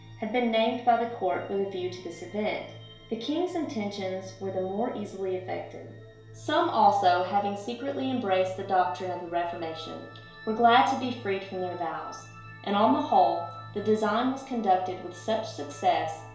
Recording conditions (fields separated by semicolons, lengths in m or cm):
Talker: one person; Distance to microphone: 1.0 m; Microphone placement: close; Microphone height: 1.1 m; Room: small (3.7 m by 2.7 m); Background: music